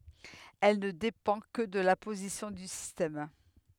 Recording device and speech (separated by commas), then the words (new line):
headset microphone, read sentence
Elle ne dépend que de la position du système.